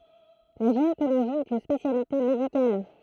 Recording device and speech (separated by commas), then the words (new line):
throat microphone, read sentence
La gynécologie est une spécialité médicale.